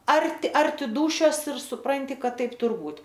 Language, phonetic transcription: Lithuanian, ˈarti ˈarti ˈdūšios ir suˈpranti ˈkad ˈtaip ˈtur ˈbūt

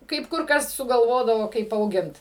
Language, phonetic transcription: Lithuanian, kaip ˈkur ˈkas sugalˈvodavo kaip auˈgint

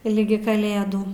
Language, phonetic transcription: Lithuanian, ˈligi kaˈlėdų

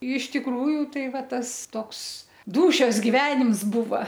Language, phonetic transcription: Lithuanian, iš tikˈrųju ˈtai ˈva ˈtas ˈtoks ˈdūšios giˈvenims ˈbuva

